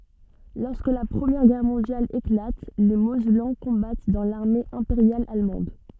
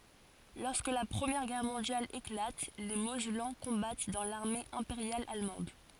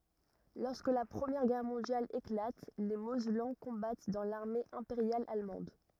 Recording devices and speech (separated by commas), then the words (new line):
soft in-ear microphone, forehead accelerometer, rigid in-ear microphone, read sentence
Lorsque la Première Guerre mondiale éclate, les Mosellans combattent dans l'armée impériale allemande.